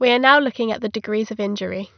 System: none